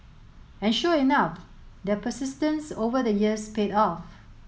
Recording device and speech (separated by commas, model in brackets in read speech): mobile phone (Samsung S8), read sentence